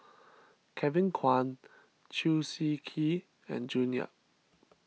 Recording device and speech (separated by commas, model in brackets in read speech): mobile phone (iPhone 6), read sentence